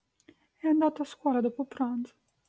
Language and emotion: Italian, sad